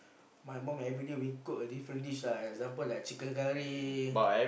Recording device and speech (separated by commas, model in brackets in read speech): boundary microphone, conversation in the same room